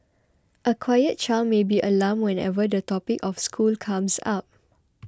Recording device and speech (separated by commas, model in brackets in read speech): close-talking microphone (WH20), read sentence